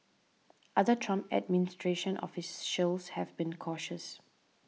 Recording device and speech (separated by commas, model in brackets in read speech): mobile phone (iPhone 6), read sentence